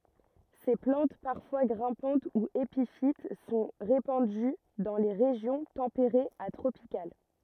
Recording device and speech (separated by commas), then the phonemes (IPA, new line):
rigid in-ear microphone, read sentence
se plɑ̃t paʁfwa ɡʁɛ̃pɑ̃t u epifit sɔ̃ ʁepɑ̃dy dɑ̃ le ʁeʒjɔ̃ tɑ̃peʁez a tʁopikal